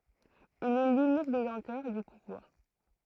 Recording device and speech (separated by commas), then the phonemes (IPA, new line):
throat microphone, read sentence
il ɛ lynik detɑ̃tœʁ dy puvwaʁ